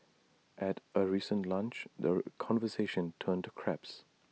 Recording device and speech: mobile phone (iPhone 6), read sentence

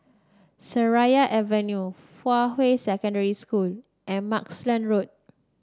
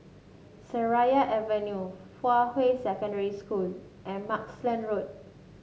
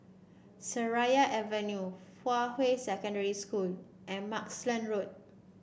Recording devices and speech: standing microphone (AKG C214), mobile phone (Samsung S8), boundary microphone (BM630), read sentence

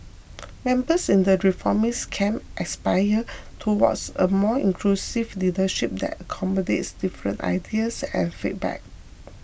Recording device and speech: boundary microphone (BM630), read sentence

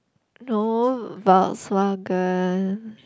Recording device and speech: close-talking microphone, conversation in the same room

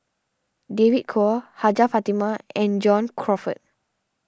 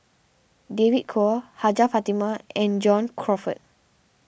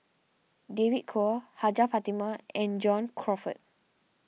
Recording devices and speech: standing microphone (AKG C214), boundary microphone (BM630), mobile phone (iPhone 6), read sentence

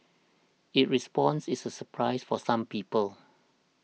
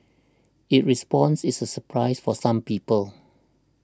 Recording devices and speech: mobile phone (iPhone 6), standing microphone (AKG C214), read sentence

